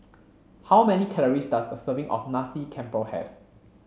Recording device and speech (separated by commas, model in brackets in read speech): mobile phone (Samsung C7), read sentence